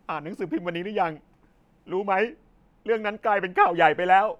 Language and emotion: Thai, sad